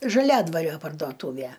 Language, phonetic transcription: Lithuanian, žaˈliadvario pardoˈtūvæ

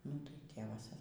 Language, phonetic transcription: Lithuanian, nu tai ˈtėvas

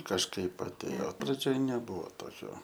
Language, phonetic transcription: Lithuanian, kažˈkaip atˈėjo praˈdžioj neˈbūvo ˈtokio

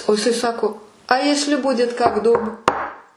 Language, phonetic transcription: Lithuanian, o jiˈsai ˈsako a ˈjesli ˈbudit kak dūb

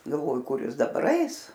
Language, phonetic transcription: Lithuanian, galˈvoju ˈkur ˈjis daˈbar ˈais

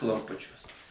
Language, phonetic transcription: Lithuanian, klamˈpučiuos

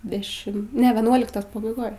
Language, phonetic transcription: Lithuanian, deˈšim ˈne veˈnuoliktos pabaiˈgoj

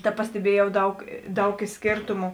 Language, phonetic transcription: Lithuanian, ta pasteˈbiejau ˈdaug ˈdaug ˈy ˈskėrtumu

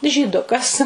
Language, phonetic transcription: Lithuanian, žyˈdukas

